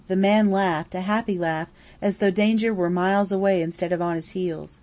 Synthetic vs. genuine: genuine